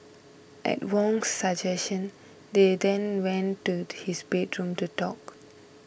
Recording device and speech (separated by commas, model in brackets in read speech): boundary microphone (BM630), read sentence